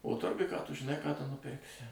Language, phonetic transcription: Lithuanian, o ˈturguj ką ˈtu žiˈnai ką ˈtu nuˈpirksi

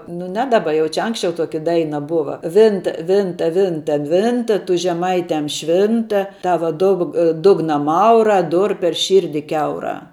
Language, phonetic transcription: Lithuanian, nu ˈne ˈdaˌba ˈjau čia ˈanksčiau ˈtoki ˈdaina ˈbuva ˈvinta ˈvinta ˈvinta ˈvinta tu žeˈmaitiam ˈšvinta ˈtava ˈdug ˈdugna ˈmaurā ˈdur per ˈšyrdi ˈkiaurā

